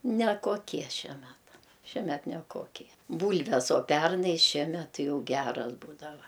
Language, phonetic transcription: Lithuanian, nekoˈkie ˈšie ˈmeta šieˈmet neˈkokie ˈbūlves o ˈpernai ˈšiemet ˈti ˈjau ˈgeras ˈbūdava

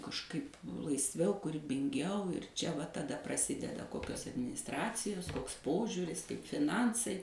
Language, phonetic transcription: Lithuanian, kažˈkaip laisˈviau kūribinˈgiau ir ˈčia ˈva taˈda praˈsideda ˈkokios adminisˈtracijos ˈkoks ˈpožiūris kaip fiˈnansai

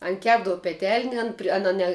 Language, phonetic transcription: Lithuanian, ˈan ˈkepdavu peˈtelne ˈan pri ˈana ne

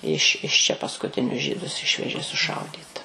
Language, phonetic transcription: Lithuanian, iš iš čia paskuˈtinius ˈžydus ˈišvežė suˈšaudyt

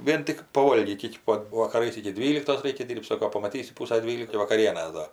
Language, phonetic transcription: Lithuanian, ˈvien tik paˈvolgyt' ˈiki pat vakaˈrais iki ˈdvyliktos ˈreikia ˈsoko ˈdyrbt ˈsoko pamaˈtysi ˈpūsa ˈdvylikai vakaˈrienės ˈdar

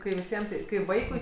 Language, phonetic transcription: Lithuanian, kai viˈsiem tai kai ˈvaikui

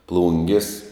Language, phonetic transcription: Lithuanian, ˈplungis

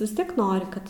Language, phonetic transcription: Lithuanian, vis ˈtiek ˈnori ˈkad

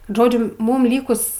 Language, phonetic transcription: Lithuanian, ˈžodžiu ˈmūm ˈlykus

